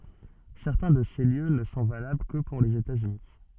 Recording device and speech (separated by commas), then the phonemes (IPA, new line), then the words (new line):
soft in-ear microphone, read sentence
sɛʁtɛ̃ də se ljø nə sɔ̃ valabl kə puʁ lez etatsyni
Certains de ces lieux ne sont valables que pour les États-Unis.